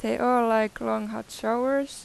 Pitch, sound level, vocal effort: 225 Hz, 89 dB SPL, normal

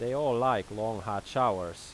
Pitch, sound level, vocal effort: 105 Hz, 91 dB SPL, loud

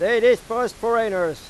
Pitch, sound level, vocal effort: 230 Hz, 100 dB SPL, loud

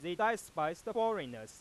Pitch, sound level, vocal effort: 175 Hz, 100 dB SPL, loud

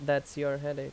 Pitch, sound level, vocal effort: 140 Hz, 84 dB SPL, normal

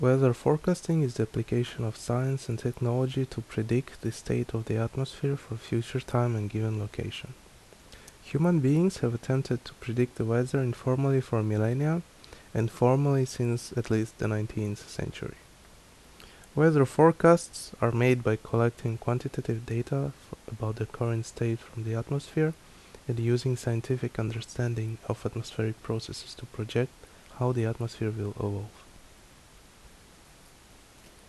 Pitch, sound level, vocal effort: 120 Hz, 73 dB SPL, soft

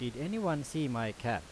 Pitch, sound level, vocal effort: 130 Hz, 89 dB SPL, loud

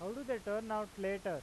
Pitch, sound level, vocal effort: 205 Hz, 95 dB SPL, loud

